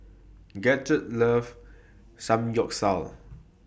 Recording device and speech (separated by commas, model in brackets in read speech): boundary microphone (BM630), read sentence